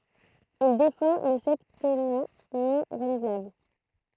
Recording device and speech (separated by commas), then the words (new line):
throat microphone, read sentence
Il défend le septennat non renouvelable.